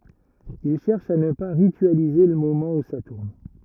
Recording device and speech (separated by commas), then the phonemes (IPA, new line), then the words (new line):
rigid in-ear microphone, read sentence
il ʃɛʁʃ a nə pa ʁityalize lə momɑ̃ u sa tuʁn
Il cherche à ne pas ritualiser le moment où ça tourne.